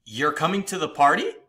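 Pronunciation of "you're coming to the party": The voice goes up at the end of 'you're coming to the party', which makes it sound like a question.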